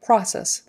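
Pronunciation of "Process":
'Process' is said with a short O sound.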